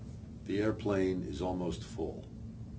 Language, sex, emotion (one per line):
English
male
neutral